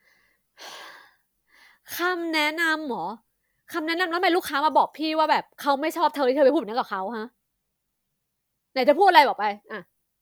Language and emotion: Thai, angry